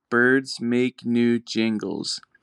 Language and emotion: English, neutral